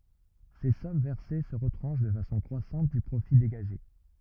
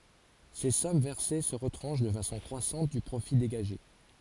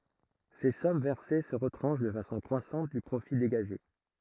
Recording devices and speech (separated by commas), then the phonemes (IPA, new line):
rigid in-ear microphone, forehead accelerometer, throat microphone, read sentence
se sɔm vɛʁse sə ʁətʁɑ̃ʃ də fasɔ̃ kʁwasɑ̃t dy pʁofi deɡaʒe